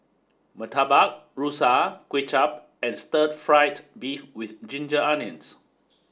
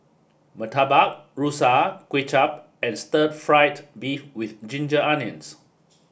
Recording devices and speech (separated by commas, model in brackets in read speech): standing microphone (AKG C214), boundary microphone (BM630), read sentence